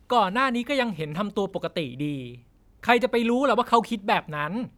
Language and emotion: Thai, frustrated